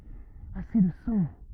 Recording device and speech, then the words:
rigid in-ear microphone, read sentence
Assez de sang.

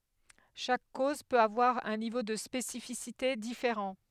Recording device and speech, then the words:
headset microphone, read sentence
Chaque cause peut avoir un niveau de spécificité différent.

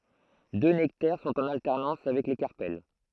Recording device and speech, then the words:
throat microphone, read sentence
Deux nectaires sont en alternance avec les carpelles.

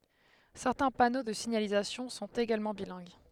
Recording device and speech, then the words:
headset microphone, read sentence
Certains panneaux de signalisation sont également bilingues.

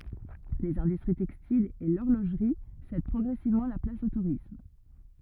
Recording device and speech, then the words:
rigid in-ear microphone, read sentence
Les industries textiles et l'horlogerie cèdent progressivement la place au tourisme.

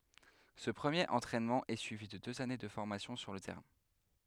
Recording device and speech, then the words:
headset microphone, read sentence
Ce premier entraînement est suivi de deux années de formation sur le terrain.

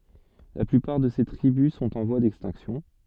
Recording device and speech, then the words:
soft in-ear microphone, read sentence
La plupart de ces tribus sont en voie d'extinction.

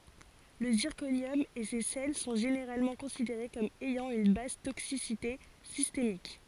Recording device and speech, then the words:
forehead accelerometer, read sentence
Le zirconium et ses sels sont généralement considérés comme ayant une basse toxicité systémique.

